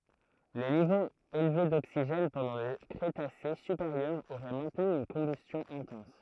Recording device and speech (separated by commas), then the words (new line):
throat microphone, read sentence
Les niveaux élevés d'oxygène pendant le Crétacé supérieur auraient maintenu une combustion intense.